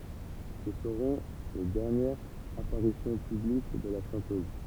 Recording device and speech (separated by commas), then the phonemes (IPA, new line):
temple vibration pickup, read sentence
sə səʁɔ̃ le dɛʁnjɛʁz apaʁisjɔ̃ pyblik də la ʃɑ̃tøz